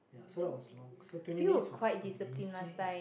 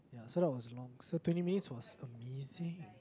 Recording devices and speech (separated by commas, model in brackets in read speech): boundary microphone, close-talking microphone, conversation in the same room